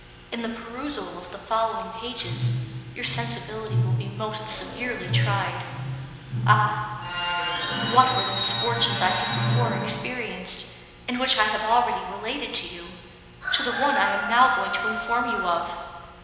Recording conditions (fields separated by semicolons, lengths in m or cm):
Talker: one person; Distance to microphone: 1.7 m; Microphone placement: close; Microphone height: 1.0 m; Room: very reverberant, large; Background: television